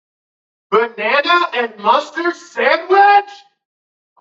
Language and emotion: English, disgusted